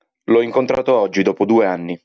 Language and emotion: Italian, neutral